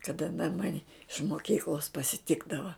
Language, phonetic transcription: Lithuanian, kaˈda an ˈmani iš moˈkyklos pasiˈtikdava

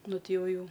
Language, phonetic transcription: Lithuanian, ˈnu ˈti ˈjau ˈjau

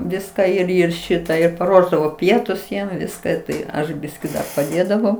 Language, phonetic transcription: Lithuanian, ˈviską ir ˈir ˈšitą ir paˈruošdavo ˈpietus ˈjiem ˈviska ˈtai ˈaš ˈbiskį dar paˈdėdavau

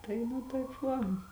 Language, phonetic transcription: Lithuanian, ˈtai nu taip ˈva

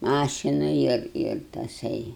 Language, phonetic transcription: Lithuanian, ˈmašina ir ir taˈsai

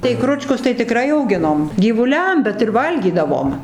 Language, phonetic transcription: Lithuanian, tai ˈkručkus tai tiˈkrai auˈginom gyvuˈliam bet ir ˈvalgydavom

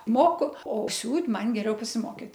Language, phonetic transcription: Lithuanian, ˈmoku o ˈsiūt' ˈman geˈriau pasiˈmokit

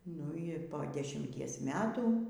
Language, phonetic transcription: Lithuanian, nu i ˈpo dešimˈties ˈmetų

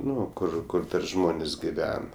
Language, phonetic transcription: Lithuanian, ˈnu ˈkur ˈkur ˈžmonės' giˈven

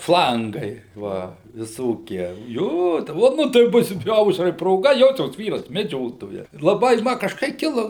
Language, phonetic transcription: Lithuanian, ˈflangai ˈva viˈsokie ˈjo o ˈnu tai ˈbus ˈaušrai proˈga ˈjosios ˈvyras meˈdžiotojas laˈbai ˈma kažˈkai ˈkilo

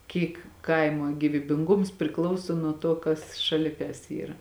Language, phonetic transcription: Lithuanian, ˈkyk ˈkaimo gyvybinˈgums priˈklauso nuo ˈto kas šaˈli kas ˈyra

